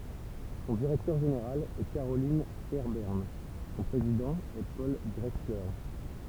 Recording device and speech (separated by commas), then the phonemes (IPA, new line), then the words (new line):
temple vibration pickup, read sentence
sɔ̃ diʁɛktœʁ ʒeneʁal ɛ kaʁolɛ̃ fɛʁbɛʁn sɔ̃ pʁezidɑ̃ ɛ pɔl dʁɛksle
Son directeur général est Carolyn Fairbairn, son président est Paul Drechsler.